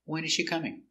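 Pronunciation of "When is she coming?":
In 'When is she coming?', the voice goes down, and the stress is on 'When'.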